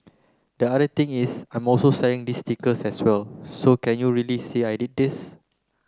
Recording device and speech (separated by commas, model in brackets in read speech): close-talking microphone (WH30), read sentence